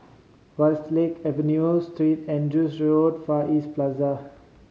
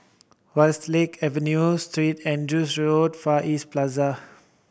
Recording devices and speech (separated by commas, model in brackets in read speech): mobile phone (Samsung C5010), boundary microphone (BM630), read sentence